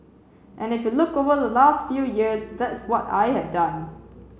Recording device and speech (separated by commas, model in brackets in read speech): mobile phone (Samsung C7), read sentence